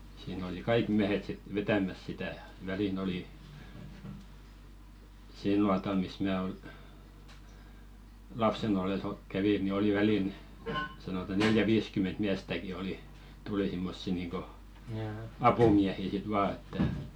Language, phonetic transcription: Finnish, siin ‿oli "kaik 'miähet sit 'vetämäs sitä , 'välin ‿oli , "sil nuatal mis mää ol- , 'lapsen ‿ol̆les o- kävi ni 'oli "välin , sanota 'neljä "viiskyment 'miästäki "oli , tuli simmossi niiŋko , 'apumiähi sit "vaa että ,.
- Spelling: siinä oli kaikki miehet sitten vetämässä sitä väliin oli sillä nuotalla missä minä - lapsena ollessa - kävin niin oli väliin sanotaan neljä viisikymmentä miestäkin oli tuli semmoisia niin kuin apumiehiä sitten vain että

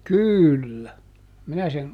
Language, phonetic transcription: Finnish, "kỳllä , ˈminä sen ,.
- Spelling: kyllä minä sen

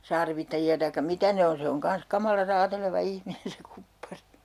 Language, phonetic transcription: Finnish, "sarvittaji₍a taikka "mitä ne on 'se oŋ 'kans 'kamala 'raateleva "ihminen se "kuppari .
- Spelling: sarvittajia tai mitä ne on se on kanssa kamala raateleva ihminen se kuppari

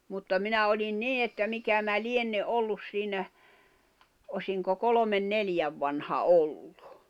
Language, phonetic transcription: Finnish, mutta 'minä oĺin "nii että 'mikä mä "lienne’ '’ollus siinä , osiŋko 'kolomen 'neljäv vanha "olʟᴜ .
- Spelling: mutta minä olin niin että mikä minä lienen ollut siinä olisinko kolmen neljän vanha oli

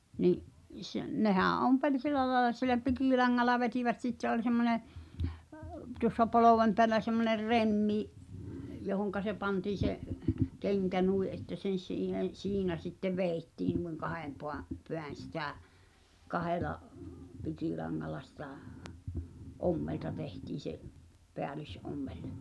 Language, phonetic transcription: Finnish, ni’ , s- , 'nehää̰ 'ompeĺ "sil̆lä laĕla silä "pikìlaŋŋalla vetivät "sitte oĺ semmone , əp- , tuŏssa 'polovem peälä semmoner "remmi , johoŋka se pantiin̬̆ se , 'keŋkä "nui ’että sen̬ siihen , "siinä sittev "vèi̬ttiin nuiŋ 'kahem poa͕- , 'peän̬ sitä̀ , 'kahela , 'pikilaŋŋala sitᴀ͔̀ , '’ommelta 'tehtiin̬̆ se’ , 'peälys'’ommel .
- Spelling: niin - nehän ompeli sillä lailla sillä pikilangalla vetivät sitten oli semmoinen - tuossa polven päällä semmoinen remmi johon se pantiin se kenkä niin että sen siihen siinä sitten vedettiin niin kahden - päin sitä kahdella pikilangalla sitä ommelta tehtiin se päällysommel

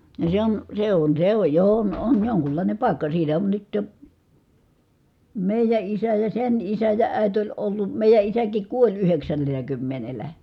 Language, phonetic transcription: Finnish, no se on , se on se oj jo on on joŋkullàinem pài̮kka siitä on nyt jo , mèijä isä ja sen isä ja ä̀i̮t oĺ ollu , mèijä isäkik kuoĺ yheksännel̀ä kymmenelä .
- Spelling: no se on se on se on jo on on jonkunlainen paikka siitä on nyt jo meidän isä ja sen isä ja äiti oli ollut meidän isäkin kuoli yhdeksännellä kymmenellä

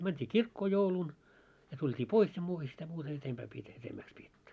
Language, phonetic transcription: Finnish, mänt́i "kirkkoo 'joulun , ja tult́ii 'pois ja 'muuta sitä muuta 'etempää pietä etemmääks 'pietty .
- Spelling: mentiin kirkkoon jouluna ja tultiin pois ja muuta sitä muuta edempää pidetä edemmäksi pidetty

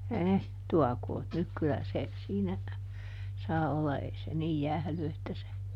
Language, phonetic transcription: Finnish, ɛh , ˈtuakoot nyk ˈkylä se , siinä , ˈsaa olla ei se niij "jähly että se ,.
- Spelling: - tuokoot nyt kyllä se siinä saa olla ei se niin jäähdy että se

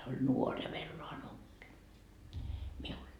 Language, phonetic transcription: Finnish, se oĺ 'nuor ja 'vello 'anoppi , miul .
- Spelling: se oli nuori ja vello anoppi minulla

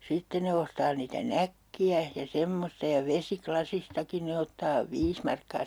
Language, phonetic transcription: Finnish, 'sitten ne ostaa niitä "näkki₍ä , ja 'semmosta ja "vesi'klasistakin ne ottaa "viis markkaa .
- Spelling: sitten ne ostaa niitä nakkeja ja semmoista ja vesilasistakin ne ottaa viisi markkaa

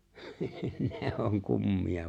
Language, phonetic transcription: Finnish, 'ne oŋ 'kummi₍a .
- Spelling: ne on kummia

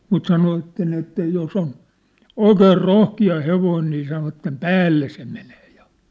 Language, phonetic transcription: Finnish, mut 'sanovatten että 'jos ‿on , "oikeer "rohki₍a "hevoin nii sanovattem "päälle se menee ᴊᴀ .
- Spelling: mutta sanovat että jos on oikein rohkea hevonen niin sanovat päälle se menee se

